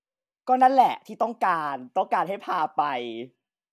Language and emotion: Thai, happy